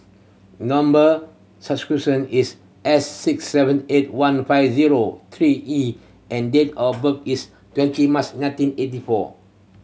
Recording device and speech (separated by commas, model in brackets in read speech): mobile phone (Samsung C7100), read sentence